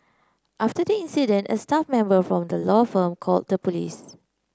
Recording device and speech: close-talking microphone (WH30), read sentence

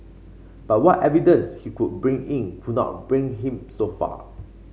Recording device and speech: mobile phone (Samsung C5), read sentence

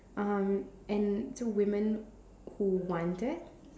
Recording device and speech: standing microphone, conversation in separate rooms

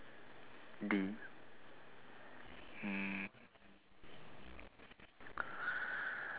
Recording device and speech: telephone, conversation in separate rooms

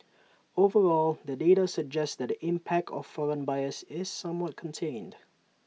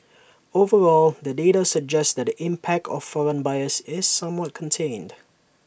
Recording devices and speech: mobile phone (iPhone 6), boundary microphone (BM630), read sentence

